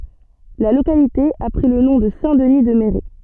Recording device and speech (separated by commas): soft in-ear microphone, read sentence